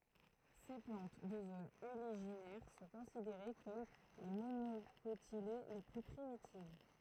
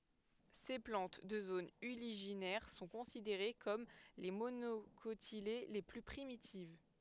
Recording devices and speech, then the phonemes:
throat microphone, headset microphone, read sentence
se plɑ̃t də zonz yliʒinɛʁ sɔ̃ kɔ̃sideʁe kɔm le monokotile le ply pʁimitiv

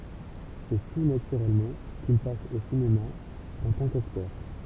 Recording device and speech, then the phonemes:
temple vibration pickup, read sentence
sɛ tu natyʁɛlmɑ̃ kil pas o sinema ɑ̃ tɑ̃ kaktœʁ

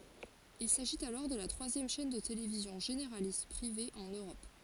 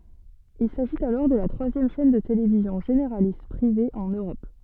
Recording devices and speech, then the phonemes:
forehead accelerometer, soft in-ear microphone, read sentence
il saʒit alɔʁ də la tʁwazjɛm ʃɛn də televizjɔ̃ ʒeneʁalist pʁive ɑ̃n øʁɔp

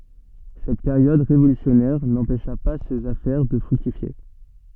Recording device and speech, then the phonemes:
soft in-ear microphone, read sentence
sɛt peʁjɔd ʁevolysjɔnɛʁ nɑ̃pɛʃa pa sez afɛʁ də fʁyktifje

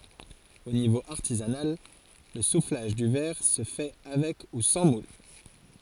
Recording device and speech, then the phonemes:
forehead accelerometer, read sentence
o nivo aʁtizanal lə suflaʒ dy vɛʁ sə fɛ avɛk u sɑ̃ mul

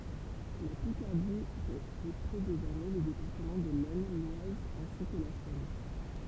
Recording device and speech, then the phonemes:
temple vibration pickup, read sentence
la pikaʁdi ʁəɡʁupʁɛ dezɔʁmɛ le depaʁtəmɑ̃ də lɛsn lwaz ɛ̃si kə la sɔm

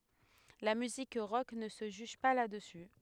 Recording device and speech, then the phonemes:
headset microphone, read sentence
la myzik ʁɔk nə sə ʒyʒ pa la dəsy

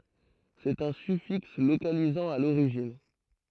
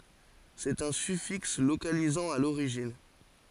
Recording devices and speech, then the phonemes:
throat microphone, forehead accelerometer, read sentence
sɛt œ̃ syfiks lokalizɑ̃ a loʁiʒin

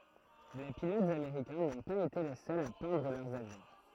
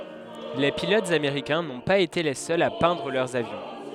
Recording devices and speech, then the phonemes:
throat microphone, headset microphone, read sentence
le pilotz ameʁikɛ̃ nɔ̃ paz ete le sœlz a pɛ̃dʁ lœʁz avjɔ̃

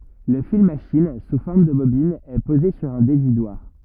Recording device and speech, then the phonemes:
rigid in-ear microphone, read sentence
lə fil maʃin su fɔʁm də bobin ɛ poze syʁ œ̃ devidwaʁ

